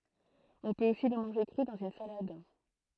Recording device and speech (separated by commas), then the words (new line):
throat microphone, read sentence
On peut aussi le manger cru, dans une salade.